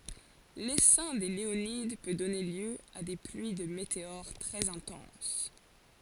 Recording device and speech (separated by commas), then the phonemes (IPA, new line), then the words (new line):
forehead accelerometer, read sentence
lesɛ̃ de leonid pø dɔne ljø a de plyi də meteoʁ tʁɛz ɛ̃tɑ̃s
L'essaim des Léonides peut donner lieu à des pluies de météores très intenses.